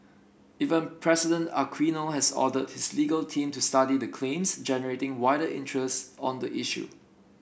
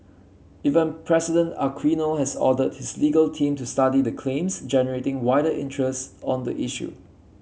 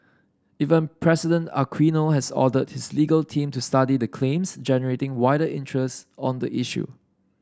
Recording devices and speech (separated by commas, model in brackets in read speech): boundary microphone (BM630), mobile phone (Samsung C7), standing microphone (AKG C214), read sentence